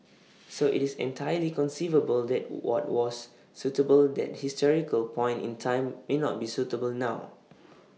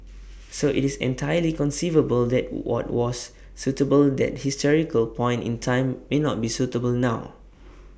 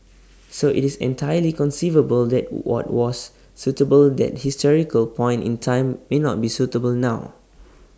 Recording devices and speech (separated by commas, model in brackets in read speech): mobile phone (iPhone 6), boundary microphone (BM630), standing microphone (AKG C214), read sentence